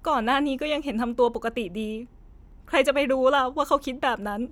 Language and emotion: Thai, sad